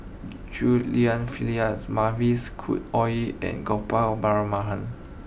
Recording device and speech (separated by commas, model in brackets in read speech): boundary microphone (BM630), read sentence